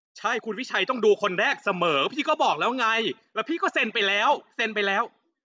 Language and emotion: Thai, angry